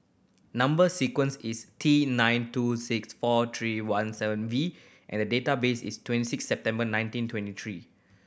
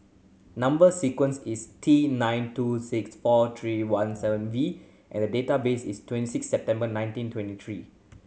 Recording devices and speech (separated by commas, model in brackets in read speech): boundary microphone (BM630), mobile phone (Samsung C7100), read sentence